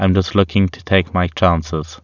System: none